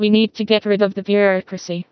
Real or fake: fake